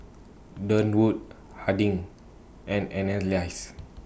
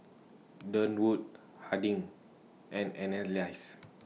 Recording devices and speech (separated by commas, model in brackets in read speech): boundary microphone (BM630), mobile phone (iPhone 6), read sentence